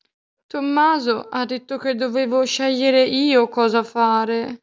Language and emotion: Italian, sad